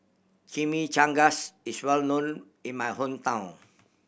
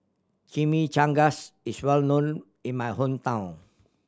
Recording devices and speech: boundary microphone (BM630), standing microphone (AKG C214), read sentence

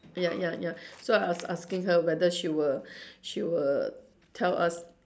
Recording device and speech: standing microphone, conversation in separate rooms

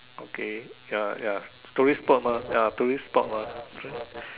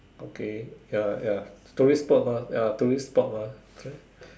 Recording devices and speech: telephone, standing microphone, conversation in separate rooms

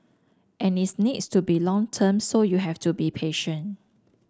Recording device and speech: standing microphone (AKG C214), read sentence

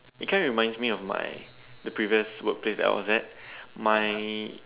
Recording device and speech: telephone, conversation in separate rooms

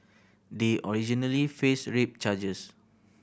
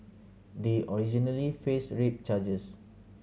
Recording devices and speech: boundary microphone (BM630), mobile phone (Samsung C7100), read sentence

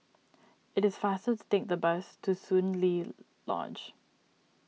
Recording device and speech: mobile phone (iPhone 6), read sentence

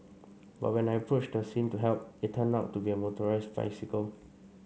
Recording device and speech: mobile phone (Samsung C5), read sentence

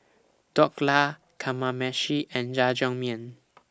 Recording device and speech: standing microphone (AKG C214), read sentence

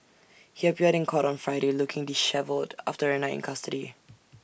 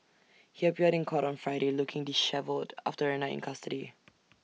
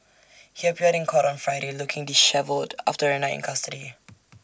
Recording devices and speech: boundary microphone (BM630), mobile phone (iPhone 6), standing microphone (AKG C214), read sentence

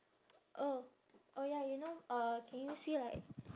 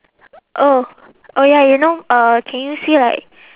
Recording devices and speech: standing microphone, telephone, conversation in separate rooms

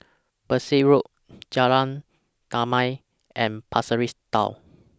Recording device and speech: standing microphone (AKG C214), read sentence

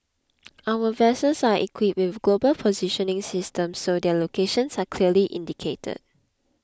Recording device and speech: close-talking microphone (WH20), read sentence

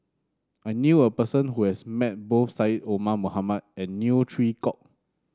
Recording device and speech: standing microphone (AKG C214), read sentence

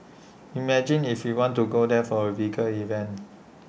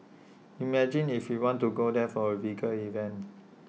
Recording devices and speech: boundary microphone (BM630), mobile phone (iPhone 6), read sentence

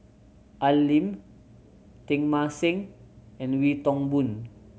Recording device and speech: mobile phone (Samsung C7100), read sentence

